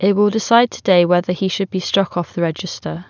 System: none